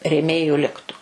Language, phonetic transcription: Lithuanian, rėˈmėju ˈliktu

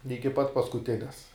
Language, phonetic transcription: Lithuanian, ˈiki pat paskuˈtines

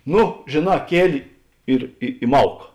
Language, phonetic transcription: Lithuanian, ˈnu žėˈnā ˈkieli ˈir i i ˈmauk

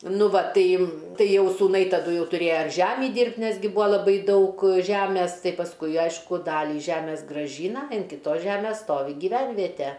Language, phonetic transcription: Lithuanian, ˈnu ˈva ˈtai ˈtai ˈjau sūˈnai taˈdu ˈjau tuˈrėja ir ˈžemį ˈdyrbt' ˈnes gi ˈbua laˈbai ˈdaug ˈžæmes ˈtai pasˈkui ˈaišku ˈdalį ˈžæmės graˈžyna in kiˈtos ˈžæmės ˈstovi giˈvænviete

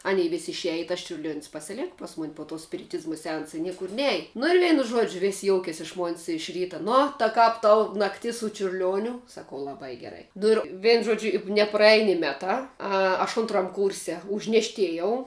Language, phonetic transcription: Lithuanian, ˈanei vis' išˈeji i tas čiurˈliuon's' pasiˈlėka ˈpas ˌmun' po tuo spiriˈtizma seˈansa i ˈniekur ˈnej nu ir ˈveinu ˈžuodžiu vis' ˈjoukės' iš mon's' iš ˈryta ˈnu ta ˈkap ˈtau nakˈtis su čiurˈliuoniu saˈkau laˈbai geˈrai ˈnu ir ˈvėn ˈžodžiu i nepraˈej ni ˈmetā ˈa aš ˈuntram ˈkurse užnešˈtėjau

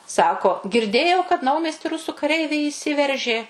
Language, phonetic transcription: Lithuanian, ˈsako girˈdėjau kad ˈnaumiesti ˈrusų kaˈreiviai įˈsiveržė

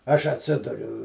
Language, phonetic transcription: Lithuanian, ˈaš atˈsiduriu

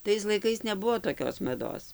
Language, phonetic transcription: Lithuanian, ˈtais laiˈkais neˈbuvo toˈkios maˈdos

